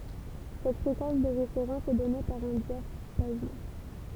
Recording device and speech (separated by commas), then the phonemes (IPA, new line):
temple vibration pickup, read sentence
sɛt fʁekɑ̃s də ʁefeʁɑ̃s ɛ dɔne paʁ œ̃ djapazɔ̃